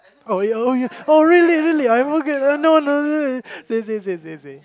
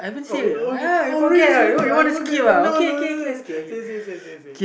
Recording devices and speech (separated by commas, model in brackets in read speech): close-talking microphone, boundary microphone, conversation in the same room